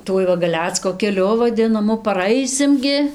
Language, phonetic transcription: Lithuanian, ˈtuoj va gaˈlecko keˈliu vaˈdinamu paˈraisim gi

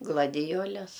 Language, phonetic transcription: Lithuanian, gladiˈjoles

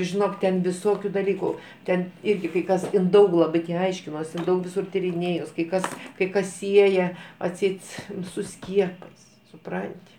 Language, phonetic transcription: Lithuanian, žiˈnok ten viˈsokiu daˈlyku ˈten ˈirgi kai ˈkas ˈin ˈdaug laˈbi ti ˈaiškinosi in ˈdaug viˈsur tyriˈnėjus kai ˈkas kai ˈkas ˈsieja atˈseit su ˈskiepais suˈpranti

